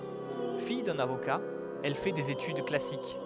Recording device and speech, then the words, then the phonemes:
headset microphone, read sentence
Fille d'un avocat, elle fait des études classiques.
fij dœ̃n avoka ɛl fɛ dez etyd klasik

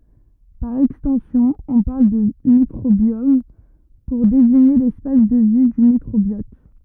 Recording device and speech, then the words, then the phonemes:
rigid in-ear microphone, read sentence
Par extension, on parle de microbiome, pour désigner l'espace de vie du microbiote.
paʁ ɛkstɑ̃sjɔ̃ ɔ̃ paʁl də mikʁobjɔm puʁ deziɲe lɛspas də vi dy mikʁobjɔt

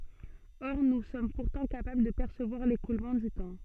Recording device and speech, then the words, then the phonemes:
soft in-ear microphone, read sentence
Or nous sommes pourtant capables de percevoir l'écoulement du temps.
ɔʁ nu sɔm puʁtɑ̃ kapabl də pɛʁsəvwaʁ lekulmɑ̃ dy tɑ̃

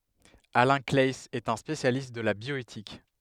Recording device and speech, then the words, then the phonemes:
headset microphone, read sentence
Alain Claeys est un spécialiste de la bioéthique.
alɛ̃ klaɛiz ɛt œ̃ spesjalist də la bjɔetik

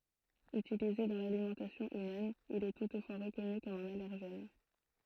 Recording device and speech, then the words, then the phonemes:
throat microphone, read sentence
Utilisé dans l'alimentation humaine, il est toutefois reconnu comme un allergène.
ytilize dɑ̃ lalimɑ̃tasjɔ̃ ymɛn il ɛ tutfwa ʁəkɔny kɔm œ̃n alɛʁʒɛn

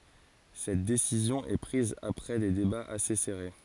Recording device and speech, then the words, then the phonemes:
forehead accelerometer, read sentence
Cette décision est prise après des débats assez serrés.
sɛt desizjɔ̃ ɛ pʁiz apʁɛ de debaz ase sɛʁe

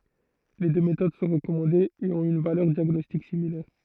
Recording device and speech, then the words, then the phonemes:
throat microphone, read sentence
Les deux méthodes sont recommandées et ont une valeur diagnostique similaire.
le dø metod sɔ̃ ʁəkɔmɑ̃dez e ɔ̃t yn valœʁ djaɡnɔstik similɛʁ

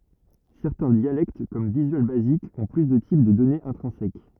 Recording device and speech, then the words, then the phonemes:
rigid in-ear microphone, read sentence
Certains dialectes comme Visual Basic ont plus de types de données intrinsèques.
sɛʁtɛ̃ djalɛkt kɔm vizyal bazik ɔ̃ ply də tip də dɔnez ɛ̃tʁɛ̃sɛk

